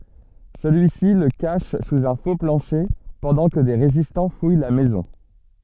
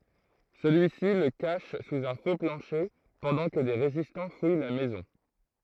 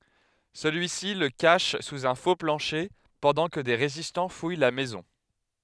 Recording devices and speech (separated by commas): soft in-ear microphone, throat microphone, headset microphone, read sentence